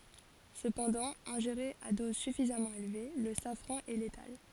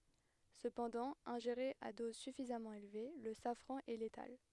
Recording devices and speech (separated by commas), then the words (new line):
forehead accelerometer, headset microphone, read sentence
Cependant, ingéré à dose suffisamment élevée, le safran est létal.